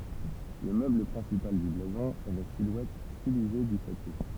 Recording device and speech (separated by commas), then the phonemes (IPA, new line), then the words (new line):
temple vibration pickup, read sentence
lə møbl pʁɛ̃sipal dy blazɔ̃ ɛ la silwɛt stilize dy ʃato
Le meuble principal du blason est la silhouette stylisée du château.